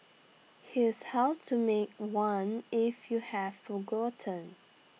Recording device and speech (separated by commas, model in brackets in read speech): mobile phone (iPhone 6), read sentence